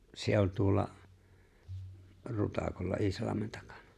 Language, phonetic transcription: Finnish, 'se oĺ tuolla , 'Rutakolla '’Isalameɴ tᴀkᴀɴᴀ .
- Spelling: se oli tuolla Rutakolla Iisalmen takana

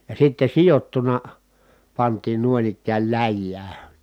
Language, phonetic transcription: Finnish, ja sitte sijottuna , pantiin nuoⁱn ‿ikkääl läjjää .
- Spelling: ja sitten sidottuna pantiin noin ikään läjään

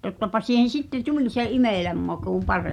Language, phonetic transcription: Finnish, 'tottapa siihen̬ 'sitte "tuĺ se "imèläm maku 'parè[mmi] .
- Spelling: tottapa siihen sitten tuli se imelän maku paremmin

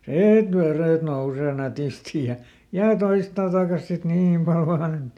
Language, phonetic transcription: Finnish, "siit ˈverèt ˈnousee ˈnätisti ja , ja "toista ˈtàkas sit "niim pal ˈvaan ‿et .
- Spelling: siitä vedet nousee nätisti ja ja toista takaisin sitten niin paljon vain että

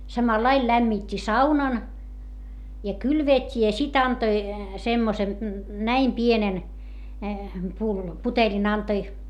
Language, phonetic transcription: Finnish, samalail lämmit́t́i saunan , ja kylveet́t́i ja sit ‿antoi , semmosen , näim pienen , pullo- , puteĺin antoi .
- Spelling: samalla lailla lämmitti saunan ja kylvetti ja sitten antoi semmoisen näin pienen - putelin antoi

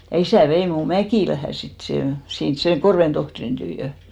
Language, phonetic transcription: Finnish, ja 'isä̀ 'vei mù "Mäkìlähä 'sit sè , 'sins 'seŋ "Korven 'tohtrin tyyjö .
- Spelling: ja isä vei minun Mäkilään sitten sen sinne sen Korven tohtorin tykö

